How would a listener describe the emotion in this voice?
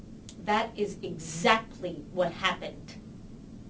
angry